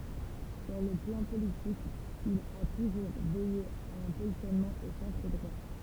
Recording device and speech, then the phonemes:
temple vibration pickup, read sentence
syʁ lə plɑ̃ politik il a tuʒuʁ vɛje a œ̃ pozisjɔnmɑ̃ o sɑ̃tʁ dʁwa

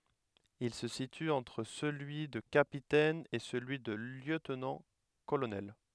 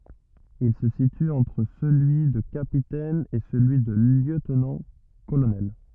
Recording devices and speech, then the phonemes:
headset microphone, rigid in-ear microphone, read sentence
il sə sity ɑ̃tʁ səlyi də kapitɛn e səlyi də ljøtnɑ̃tkolonɛl

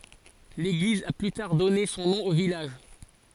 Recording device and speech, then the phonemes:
forehead accelerometer, read sentence
leɡliz a ply taʁ dɔne sɔ̃ nɔ̃ o vilaʒ

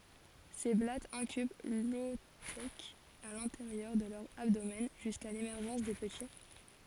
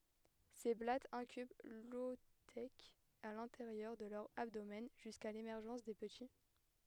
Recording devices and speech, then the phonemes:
forehead accelerometer, headset microphone, read sentence
se blatz ɛ̃kyb lɔotɛk a lɛ̃teʁjœʁ də lœʁ abdomɛn ʒyska lemɛʁʒɑ̃s de pəti

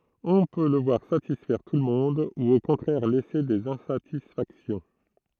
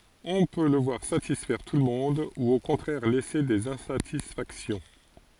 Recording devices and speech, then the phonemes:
throat microphone, forehead accelerometer, read sentence
ɔ̃ pø lə vwaʁ satisfɛʁ tulmɔ̃d u o kɔ̃tʁɛʁ lɛse dez ɛ̃satisfaksjɔ̃

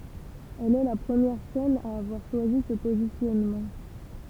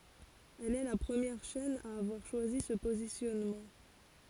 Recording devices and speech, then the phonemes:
temple vibration pickup, forehead accelerometer, read sentence
ɛl ɛ la pʁəmjɛʁ ʃɛn a avwaʁ ʃwazi sə pozisjɔnmɑ̃

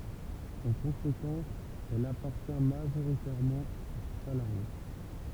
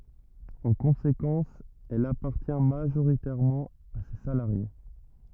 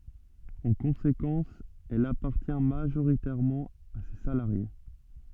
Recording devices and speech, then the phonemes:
temple vibration pickup, rigid in-ear microphone, soft in-ear microphone, read sentence
ɑ̃ kɔ̃sekɑ̃s ɛl apaʁtjɛ̃ maʒoʁitɛʁmɑ̃ a se salaʁje

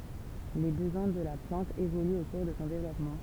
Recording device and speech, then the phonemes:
temple vibration pickup, read sentence
le bəzwɛ̃ də la plɑ̃t evolyt o kuʁ də sɔ̃ devlɔpmɑ̃

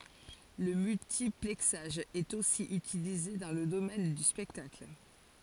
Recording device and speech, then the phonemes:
forehead accelerometer, read sentence
lə myltiplɛksaʒ ɛt osi ytilize dɑ̃ lə domɛn dy spɛktakl

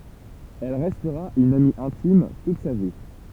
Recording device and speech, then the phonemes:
temple vibration pickup, read sentence
ɛl ʁɛstʁa yn ami ɛ̃tim tut sa vi

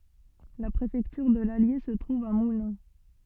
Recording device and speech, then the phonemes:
soft in-ear microphone, read sentence
la pʁefɛktyʁ də lalje sə tʁuv a mulɛ̃

